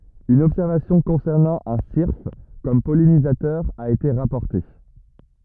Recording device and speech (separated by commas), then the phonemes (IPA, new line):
rigid in-ear microphone, read sentence
yn ɔbsɛʁvasjɔ̃ kɔ̃sɛʁnɑ̃ œ̃ siʁf kɔm pɔlinizatœʁ a ete ʁapɔʁte